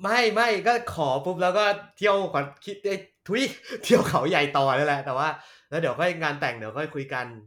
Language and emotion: Thai, happy